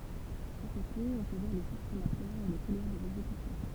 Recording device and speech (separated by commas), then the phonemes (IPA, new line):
temple vibration pickup, read sentence
a kote ɔ̃ pø vwaʁ le fuʁ kʁematwaʁz e lə kulwaʁ dez ɛɡzekysjɔ̃